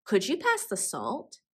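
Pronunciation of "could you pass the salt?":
In 'could you', the d sound at the end of 'could' and the y sound at the start of 'you' combine into a j sound.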